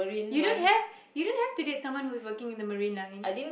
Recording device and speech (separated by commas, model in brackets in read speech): boundary microphone, conversation in the same room